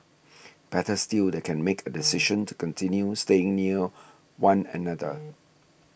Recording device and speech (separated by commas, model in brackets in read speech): boundary microphone (BM630), read sentence